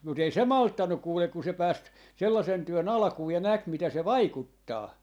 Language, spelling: Finnish, mutta ei se malttanut kuule kun se pääsi sellaisen työn alkuun ja näki mitä se vaikuttaa
- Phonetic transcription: mut ‿ei 'se "malttannuk 'kuulek ku 'se 'pääs , 'sellasen 'työ"n ‿alᵃkuu ja 'näk 'mitä se "vaikuttaa .

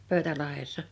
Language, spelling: Finnish, Pöytälahdessa
- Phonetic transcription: 'Pö̀y̬̬tälahessa .

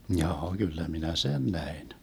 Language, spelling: Finnish, jaa kyllä minä sen näin
- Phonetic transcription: 'mjaa 'Gyllä minä "sen 'näin .

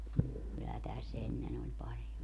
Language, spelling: Finnish, kyllä tässä ennen oli paljon
- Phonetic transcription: kyllä 'täs 'ennen ‿oĺ 'paljo .

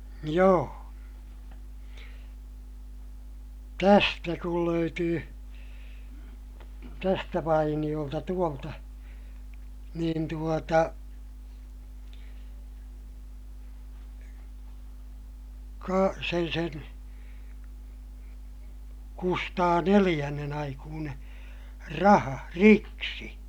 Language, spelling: Finnish, joo tästä kun löytyi tästä vainiolta tuolta niin tuota - sen sen Kustaa neljännen aikuinen raha riksi
- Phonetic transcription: joo , tästä kul löytyy , tästä vainiʲolta tuolta , niin tuota , Ka- , sen sen , Kustaa neliʲännen ‿aikuuneè , raha , riksi .

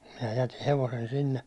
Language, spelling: Finnish, minä jätin hevosen sinne
- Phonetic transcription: minä jäti 'hevosen sinne .

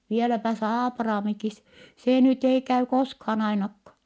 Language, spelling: Finnish, vieläpä se Aapraamikin se nyt ei käy koskaan ainakaan
- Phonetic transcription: » vieläpä s ‿Aapraamikis , sè nyt ‿ei käy koskhaan ‿ainakka .

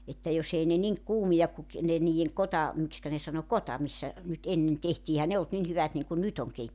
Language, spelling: Finnish, että jos ei ne niin kuumia kuin - ne niiden - miksikä ne sanoi kota missä nyt ennen tehtiin eihän ne ollut niin hyvät niin kuin nyt on -
- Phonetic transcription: että 'jos ‿ei ne 'niŋ , 'kuumijak ku ki- , ne niijeŋ 'kota- , 'mikskä ne sano "kota missä , nyt 'ennen 'tehtii ehän 'ne olt 'nin 'hyvät niŋkun "nyt ‿oŋ 'keit- .

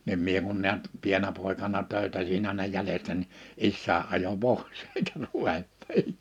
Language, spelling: Finnish, niin minä kun näet pienenä poikana töytäsin aina jäljestä niin isäni ajoi pois eikä ruvennut niin
- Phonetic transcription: nim 'mie kun niät , 'pieǹä pòikana 'töytäsin ‿àina 'jälestä ni , 'issää ’ajo "p̀ois èikä (ruvent) , (nii) !

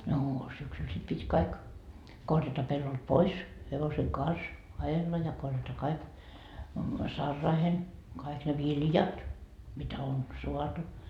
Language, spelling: Finnish, no syksyllä sitten piti kaikki korjata pellolta pois hevosen kanssa ajella ja korjata kaikki saraihin kaikki ne viljat mitä on saatu
- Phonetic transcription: noo 'syksyl sit pit́ 'kaik , 'korjata pellolt "pois , hevoseŋ "kans , 'ajella ja korjata 'kaik , "sarraahen , kaik ne "viljat , mitä on , 'soatu .

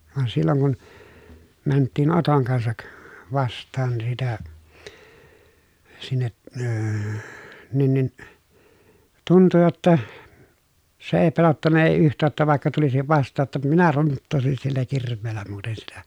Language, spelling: Finnish, vaan silloin kun mentiin Oton kanssa vastaan sitä sinne - niin niin tuntui jotta se ei pelottanut ei yhtään että vaikka tulisi vastaan jotta minä runttaisin sillä kirveellä muuten sitä
- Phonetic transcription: van silloŋ kun , mänttiin Otoŋ kansak , vast̆taan sitä , sinne , əə , nin nin , tuntu jotta , se ee pelottanna èi yht̆tää ‿ttä vài̮kka tulisiv vast̆taa ‿tta minä runttòesin sillä kirv̆veellä muuten sitä .

